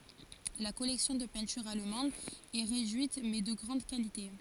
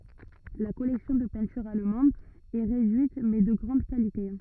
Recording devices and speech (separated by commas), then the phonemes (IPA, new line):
forehead accelerometer, rigid in-ear microphone, read sentence
la kɔlɛksjɔ̃ də pɛ̃tyʁz almɑ̃dz ɛ ʁedyit mɛ də ɡʁɑ̃d kalite